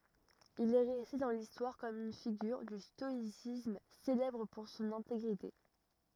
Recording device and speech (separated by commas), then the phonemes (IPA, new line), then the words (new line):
rigid in-ear microphone, read sentence
il ɛ ʁɛste dɑ̃ listwaʁ kɔm yn fiɡyʁ dy stɔisism selɛbʁ puʁ sɔ̃n ɛ̃teɡʁite
Il est resté dans l'histoire comme une figure du stoïcisme, célèbre pour son intégrité.